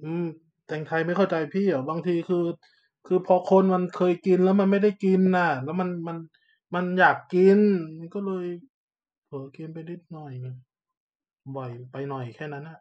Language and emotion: Thai, frustrated